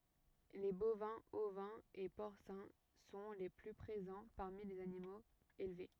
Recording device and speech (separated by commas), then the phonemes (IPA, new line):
rigid in-ear microphone, read sentence
le bovɛ̃z ovɛ̃z e pɔʁsɛ̃ sɔ̃ le ply pʁezɑ̃ paʁmi lez animoz elve